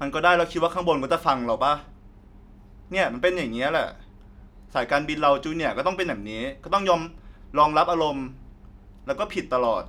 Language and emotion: Thai, frustrated